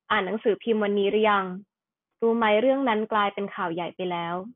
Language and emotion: Thai, neutral